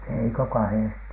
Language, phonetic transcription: Finnish, 'ei ‿ko "kahèsti .
- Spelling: ei kuin kahdesti

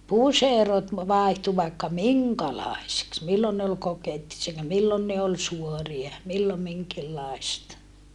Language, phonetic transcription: Finnish, puserot , vàihtu vaikka miŋkalài̮siks millon ne ol kokettise(t) ja millon ne ol suoria , millom miŋkillàista .
- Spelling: puserot vaihtui vaikka minkälaisiksi milloin ne oli kokettiset ja milloin ne oli suoria milloin minkinlaista

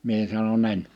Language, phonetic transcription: Finnish, 'mie sano'n‿ » en « .
- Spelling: minä sanoin en

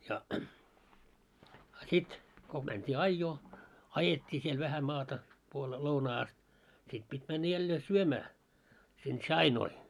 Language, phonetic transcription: Finnish, sa- , 'sit , ko mänt́ii "aijjoo , "ajet́t́ii siel vähä 'maata , puolee 'lounaa ast , 'sit pit́ männä jällee 'syömää , sin "ts̆ainoi .
- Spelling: - sitten kun mentiin ajoon ajettiin siellä vähän maata puoleen lounaan asti sitten piti mennä jälleen syömään sinne tsainoi

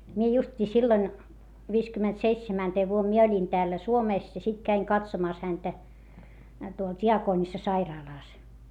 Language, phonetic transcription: Finnish, mie just́ii silloⁱn , viiskymmentseitsemänteev vuom mie oĺin täällä Suomès ja sit käiŋ katsomàs häntä , tuol t́i₍akoonissasairaalàs .
- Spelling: minä justiinsa silloin viisikymmentäseitsemäntenä vuonna minä olin täällä Suomessa ja sitten kävin katsomassa häntä tuolla diakonissasairaalassa

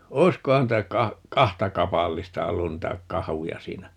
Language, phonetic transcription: Finnish, "oi̮skohan 'niitä "ka- , "kahta 'kapallista 'ollun 'niitä "kahuja 'siinä .
- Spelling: olisikohan niitä - kahta kapallista ollut niitä kahuja siinä

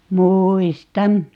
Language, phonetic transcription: Finnish, "muuis"tan .
- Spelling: muistan

